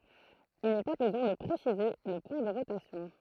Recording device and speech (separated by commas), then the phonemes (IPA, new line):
throat microphone, read sentence
il nɛ pa bəzwɛ̃ də pʁesize lə pwɛ̃ də ʁotasjɔ̃